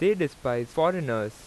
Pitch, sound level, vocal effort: 135 Hz, 90 dB SPL, loud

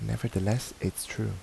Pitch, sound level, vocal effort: 110 Hz, 76 dB SPL, soft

